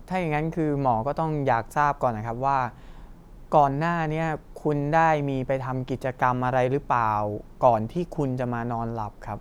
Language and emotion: Thai, neutral